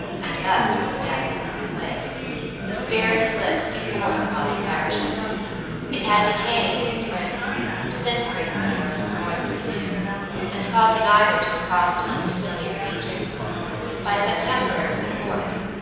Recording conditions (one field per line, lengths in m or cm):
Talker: one person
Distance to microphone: 7.1 m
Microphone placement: far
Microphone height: 1.7 m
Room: very reverberant, large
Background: babble